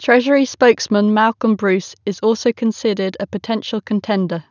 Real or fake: real